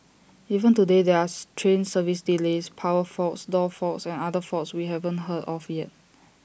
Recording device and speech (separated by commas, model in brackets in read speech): boundary microphone (BM630), read sentence